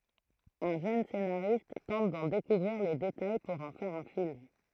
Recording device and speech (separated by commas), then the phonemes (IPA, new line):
throat microphone, read sentence
œ̃ ʒøn senaʁist tɑ̃t dɑ̃ dekuvʁiʁ le detaj puʁ ɑ̃ fɛʁ œ̃ film